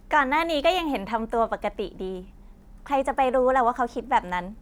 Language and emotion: Thai, happy